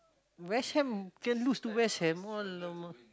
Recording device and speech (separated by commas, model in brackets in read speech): close-talking microphone, conversation in the same room